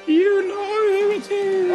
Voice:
ghost voice